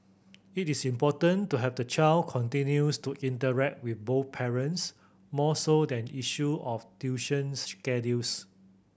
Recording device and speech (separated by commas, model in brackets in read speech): boundary microphone (BM630), read sentence